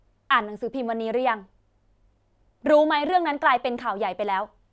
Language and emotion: Thai, angry